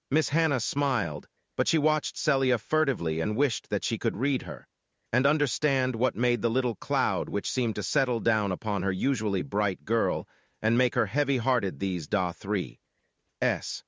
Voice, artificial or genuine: artificial